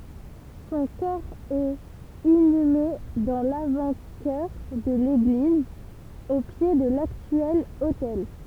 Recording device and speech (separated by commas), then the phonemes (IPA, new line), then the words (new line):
temple vibration pickup, read sentence
sɔ̃ kɔʁ ɛt inyme dɑ̃ lavɑ̃tʃœʁ də leɡliz o pje də laktyɛl otɛl
Son corps est inhumé dans l'avant-chœur de l'église, au pied de l'actuel autel.